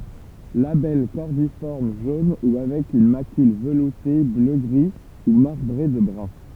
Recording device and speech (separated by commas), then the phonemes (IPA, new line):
temple vibration pickup, read sentence
labɛl kɔʁdifɔʁm ʒon u avɛk yn makyl vəlute bløɡʁi u maʁbʁe də bʁœ̃